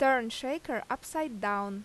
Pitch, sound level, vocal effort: 250 Hz, 88 dB SPL, loud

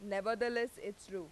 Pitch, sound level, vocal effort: 205 Hz, 92 dB SPL, loud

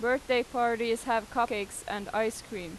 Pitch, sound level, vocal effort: 230 Hz, 91 dB SPL, loud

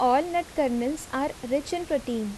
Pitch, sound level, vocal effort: 275 Hz, 81 dB SPL, normal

